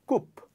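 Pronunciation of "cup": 'Cup' is pronounced incorrectly here.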